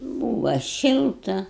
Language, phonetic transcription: Lithuanian, ˈbūva ˈšilta

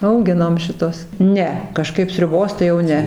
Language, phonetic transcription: Lithuanian, auˈginom šiˈtuos ˈne kaˈžkaip sriuˈbos tai jau ˈne

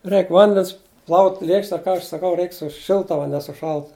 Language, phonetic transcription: Lithuanian, ˈreik ˈvandens plaut' ˈlėkšte ˈka aš saˈkau ˈreik su ˈšilta va ne su ˈšaltu

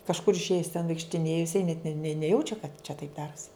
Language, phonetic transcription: Lithuanian, kažˈkur išˈėjis ten vaikštiˈnėju jiˈsai net ne ne neˈjaučia kad čia taip ˈdarusi

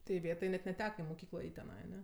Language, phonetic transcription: Lithuanian, tai iˈvėtai net neˈteka į moˈkyklą ˈeit' teˈnai aˈne

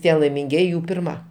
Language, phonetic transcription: Lithuanian, ˈtie laiminˈgieji ˈjų pirˈma

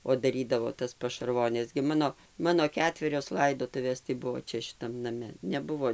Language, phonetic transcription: Lithuanian, o daˈrydavo tas pašarˈvones gi ˈmano ˈmano ˈketverios ˈlaidotuvės tai ˈbuvo ˈčia šiˈtam naˈme neˈbuvo

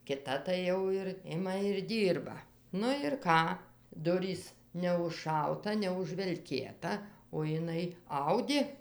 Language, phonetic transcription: Lithuanian, kiˈta tai ˈjau ir ˈima ir ˈdyrba nu ir ˈką ˈdurys neužˈšauta neužvelˈkėta o jiˈnai ˈaudė

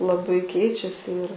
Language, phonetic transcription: Lithuanian, laˈbai ˈkeičiasi ir

